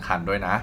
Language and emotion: Thai, neutral